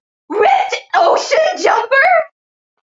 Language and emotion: English, disgusted